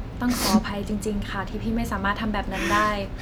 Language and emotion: Thai, sad